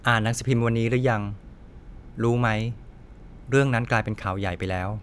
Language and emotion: Thai, neutral